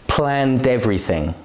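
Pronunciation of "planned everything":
The consonant sound at the end of 'planned' links to the vowel sound at the start of 'everything', so the two words are said together as one continuous sound.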